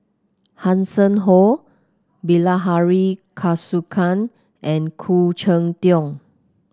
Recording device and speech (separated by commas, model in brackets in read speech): close-talking microphone (WH30), read sentence